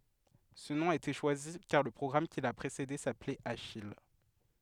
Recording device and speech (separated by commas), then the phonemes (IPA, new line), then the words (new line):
headset microphone, read sentence
sə nɔ̃ a ete ʃwazi kaʁ lə pʁɔɡʁam ki la pʁesede saplɛt aʃij
Ce nom a été choisi car le programme qui l'a précédé s'appelait Achille.